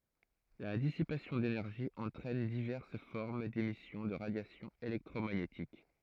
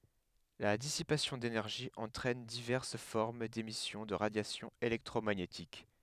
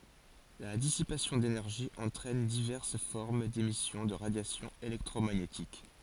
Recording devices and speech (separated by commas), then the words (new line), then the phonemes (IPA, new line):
throat microphone, headset microphone, forehead accelerometer, read sentence
La dissipation d'énergie entraîne diverses formes d'émissions de radiation électromagnétique.
la disipasjɔ̃ denɛʁʒi ɑ̃tʁɛn divɛʁs fɔʁm demisjɔ̃ də ʁadjasjɔ̃ elɛktʁomaɲetik